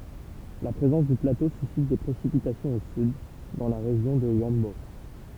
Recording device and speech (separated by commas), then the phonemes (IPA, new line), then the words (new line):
temple vibration pickup, read sentence
la pʁezɑ̃s dy plato sysit de pʁesipitasjɔ̃z o syd dɑ̃ la ʁeʒjɔ̃ də yɑ̃bo
La présence du plateau suscite des précipitations au sud, dans la région de Huambo.